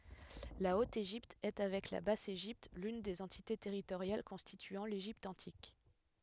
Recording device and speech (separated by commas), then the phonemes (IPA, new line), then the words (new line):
headset microphone, read sentence
la ot eʒipt ɛ avɛk la bas eʒipt lyn de døz ɑ̃tite tɛʁitoʁjal kɔ̃stityɑ̃ leʒipt ɑ̃tik
La Haute-Égypte est avec la Basse-Égypte l'une des deux entités territoriales constituant l'Égypte antique.